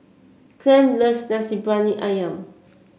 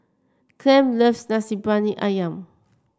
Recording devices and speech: mobile phone (Samsung C7), standing microphone (AKG C214), read sentence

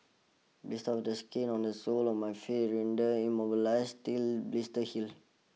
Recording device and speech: mobile phone (iPhone 6), read sentence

